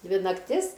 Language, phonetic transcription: Lithuanian, ˈdvi nakˈtis

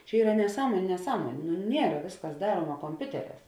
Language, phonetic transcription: Lithuanian, čia ˈyra neˈsąmoniu neˈsąmonė nu ˈniera ˈvėsˌkas ˈdaruoma komˈpiuteˌrēs

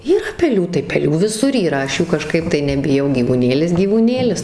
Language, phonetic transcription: Lithuanian, yˈra peˈlių tai peˈlių viˈsur yˈra ˈaš ˈjų kaˈžkaip tai nebiˈjau gyvūˈnėlis gyvūˈnėlis

